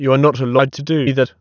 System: TTS, waveform concatenation